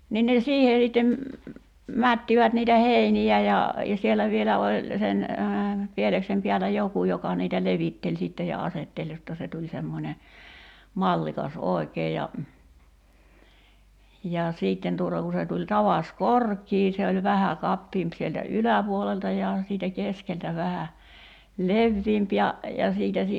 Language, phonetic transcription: Finnish, 'nin ne 'siihe sittem , 'mättivät niitä "heini₍ä ja , ja 'sielä 'vielä oĺ , 'sen , 'pieleksem piälä "joku 'joka niitä 'levitteĺ sìtte ja 'asetteĺ jotta se tuĺ 'semmońe , 'mallikas "òḙkee ja , ja 'siitten tuŏta ku se tuĺ 'tavas "kork̀ii se oĺ 'vähä 'kappiimp sieltä "yläpuolelta ja , siitä 'keskeltä vähä , "levviimp ja , ja 'siitä si- ,.
- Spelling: niin ne siihen sitten mättivät niitä heiniä ja ja siellä vielä oli sen pieleksen päällä joku joka niitä levitteli sitten ja asetteli jotta se tuli semmoinen mallikas oikein ja ja sitten tuota kun se tuli tavas korkea se oli vähän kapeampi sieltä yläpuolelta ja siitä keskeltä vähän leveämpi ja ja siitä -

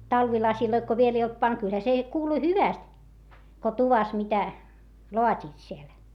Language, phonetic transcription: Finnish, talvilasiloit ko viel ‿ei olt pant - kylhä se , kuuluⁱ hyväst , ko tuvas mitä , loat́iit siel .
- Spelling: talvilaseja kun vielä ei oltu pantu kyllähän se kuului hyvästi kun tuvassa mitä laativat siellä

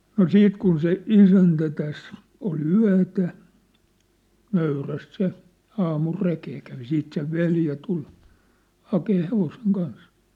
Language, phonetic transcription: Finnish, no "siit kun se , "isäntä täs , ol "yä̭tä , 'nöyräst se , 'aamul 'rekee kävi 'siit sev "veljä tul , 'hakee 'hevoseŋ 'kans .
- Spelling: no siitä kun se isäntä tässä oli yötä nöyrästi se aamulla rekeen kävi siitä sen veli tuli hakemaan hevosen kanssa

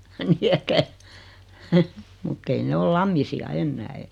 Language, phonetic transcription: Finnish, ni että , mut't ‿ei ne 'ol "Lammisi₍a 'ennää e- ,.
- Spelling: niin että mutta ei ne ole Lammisia enää -

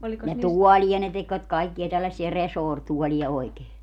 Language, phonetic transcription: Finnish, ja "tuɔĺi₍a ne tekvät 'kaikki₍a 'tällässi₍ä "resoortuɔli₍a 'oikee .
- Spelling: ja tuolia ne tekivät kaikkia tällaisia resorituoleja oikein

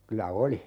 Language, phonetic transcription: Finnish, 'kylä "oli .
- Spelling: kyllä oli

